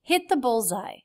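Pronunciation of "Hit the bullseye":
In 'hit the bullseye', the word 'hit' ends in a stop T. 'Hit' is stressed: it is louder and higher in pitch than 'the', which is unstressed.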